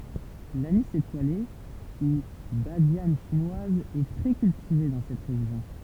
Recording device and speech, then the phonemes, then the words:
temple vibration pickup, read sentence
lanis etwale u badjan ʃinwaz ɛ tʁɛ kyltive dɑ̃ sɛt ʁeʒjɔ̃
L'anis étoilé, ou badiane chinoise est très cultivée dans cette région.

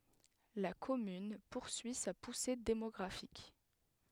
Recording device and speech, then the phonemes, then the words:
headset microphone, read sentence
la kɔmyn puʁsyi sa puse demɔɡʁafik
La commune poursuit sa poussée démographique.

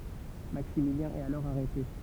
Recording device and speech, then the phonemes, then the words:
temple vibration pickup, read sentence
maksimiljɛ̃ ɛt alɔʁ aʁɛte
Maximilien est alors arrêté.

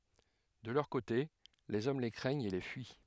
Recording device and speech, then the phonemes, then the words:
headset microphone, read sentence
də lœʁ kote lez ɔm le kʁɛɲt e le fyi
De leur côté, les hommes les craignent et les fuient.

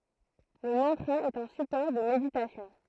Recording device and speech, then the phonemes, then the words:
throat microphone, read sentence
lə mɑ̃tʁa ɛt œ̃ sypɔʁ də meditasjɔ̃
Le mantra est un support de méditation.

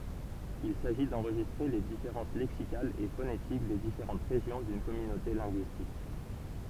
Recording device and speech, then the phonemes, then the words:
temple vibration pickup, read sentence
il saʒi dɑ̃ʁʒistʁe le difeʁɑ̃s lɛksikalz e fonetik de difeʁɑ̃t ʁeʒjɔ̃ dyn kɔmynote lɛ̃ɡyistik
Il s'agit d'enregistrer les différences lexicales et phonétiques des différentes régions d'une communauté linguistique.

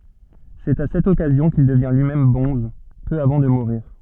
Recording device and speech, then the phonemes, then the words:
soft in-ear microphone, read sentence
sɛt a sɛt ɔkazjɔ̃ kil dəvjɛ̃ lyimɛm bɔ̃z pø avɑ̃ də muʁiʁ
C'est à cette occasion qu'il devient lui-même bonze, peu avant de mourir.

